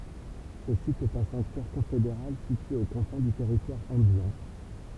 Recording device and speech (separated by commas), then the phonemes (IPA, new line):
temple vibration pickup, read sentence
sə sit ɛt œ̃ sɑ̃ktyɛʁ kɔ̃fedeʁal sitye o kɔ̃fɛ̃ dy tɛʁitwaʁ ɑ̃bjɛ̃